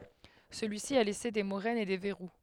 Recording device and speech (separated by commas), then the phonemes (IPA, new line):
headset microphone, read sentence
səlyisi a lɛse de moʁɛnz e de vɛʁu